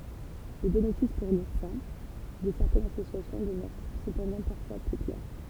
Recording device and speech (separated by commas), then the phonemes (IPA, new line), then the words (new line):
temple vibration pickup, read sentence
lə benefis puʁ luʁsɛ̃ də sɛʁtɛnz asosjasjɔ̃ dəmœʁ səpɑ̃dɑ̃ paʁfwa pø klɛʁ
Le bénéfice pour l'oursin de certaines associations demeure cependant parfois peu clair.